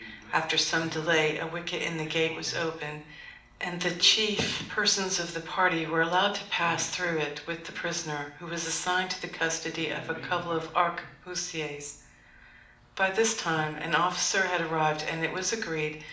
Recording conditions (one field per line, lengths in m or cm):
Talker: one person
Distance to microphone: 2.0 m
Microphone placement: close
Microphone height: 99 cm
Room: medium-sized (5.7 m by 4.0 m)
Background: television